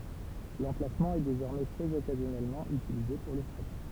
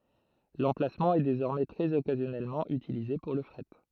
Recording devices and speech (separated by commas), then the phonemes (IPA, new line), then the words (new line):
temple vibration pickup, throat microphone, read sentence
lɑ̃plasmɑ̃ ɛ dezɔʁmɛ tʁɛz ɔkazjɔnɛlmɑ̃ ytilize puʁ lə fʁɛt
L'emplacement est désormais très occasionnellement utilisé pour le fret.